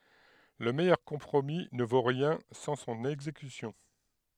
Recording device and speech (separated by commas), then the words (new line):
headset microphone, read sentence
Le meilleur compromis ne vaut rien sans son exécution.